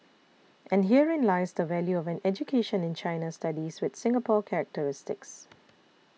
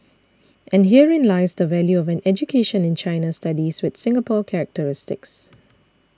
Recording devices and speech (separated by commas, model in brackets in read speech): mobile phone (iPhone 6), standing microphone (AKG C214), read sentence